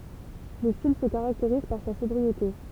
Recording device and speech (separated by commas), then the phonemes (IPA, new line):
temple vibration pickup, read sentence
lə stil sə kaʁakteʁiz paʁ sa sɔbʁiete